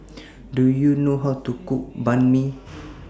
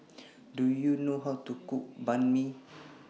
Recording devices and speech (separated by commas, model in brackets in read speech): standing microphone (AKG C214), mobile phone (iPhone 6), read sentence